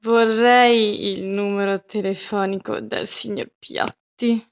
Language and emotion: Italian, disgusted